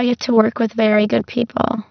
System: VC, spectral filtering